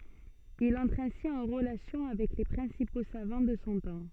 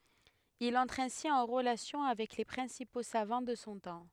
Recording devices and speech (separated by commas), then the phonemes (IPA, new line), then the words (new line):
soft in-ear microphone, headset microphone, read sentence
il ɑ̃tʁ ɛ̃si ɑ̃ ʁəlasjɔ̃ avɛk le pʁɛ̃sipo savɑ̃ də sɔ̃ tɑ̃
Il entre ainsi en relation avec les principaux savants de son temps.